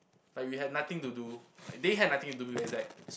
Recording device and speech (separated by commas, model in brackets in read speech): boundary microphone, conversation in the same room